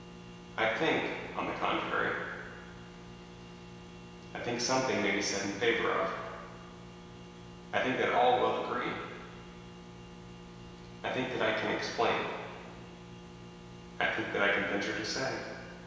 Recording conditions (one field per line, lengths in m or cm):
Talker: one person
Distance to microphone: 1.7 m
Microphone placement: close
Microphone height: 1.0 m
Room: very reverberant, large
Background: none